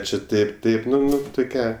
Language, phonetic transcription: Lithuanian, čia ˈtaip ˈtaip ˈnu ˈnu tuˈkią

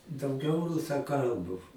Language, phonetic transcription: Lithuanian, dauˈgiau rusaˈkalbu

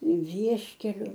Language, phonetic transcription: Lithuanian, ˈvieškeliu

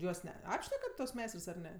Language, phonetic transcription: Lithuanian, ˈjuos ˈne ˈapšnekat tuos ˈmeistrs ar ˈne

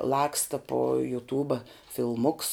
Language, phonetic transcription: Lithuanian, ˈlaksta po (juˈtūba) filˈmuks

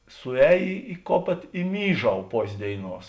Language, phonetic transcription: Lithuanian, suˈēj i ˈkopėt i ˈmyˌžau ˈpos' ˈdėiˌnuos

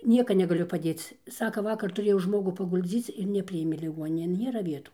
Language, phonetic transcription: Lithuanian, ˈnieka negaˈliu paˈdėc ˈsaka ˈvakar tuˈrėjau ˈžmogu pagulˈdzyc ir neˈpriėmė liˈguoninėn ˈnėra ˈvietų

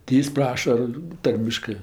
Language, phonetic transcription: Lithuanian, ti ˈjis ˈpraša ˈtarmiškɜ

